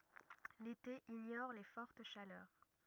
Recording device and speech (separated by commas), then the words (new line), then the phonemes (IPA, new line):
rigid in-ear microphone, read sentence
L'été ignore les fortes chaleurs.
lete iɲɔʁ le fɔʁt ʃalœʁ